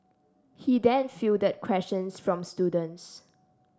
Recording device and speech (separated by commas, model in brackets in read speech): standing microphone (AKG C214), read sentence